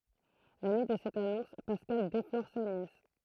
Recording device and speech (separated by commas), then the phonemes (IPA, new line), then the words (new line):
throat microphone, read sentence
la nyi də sɛt anɔ̃s paskal deflɔʁ sa njɛs
La nuit de cette annonce, Pascal déflore sa nièce.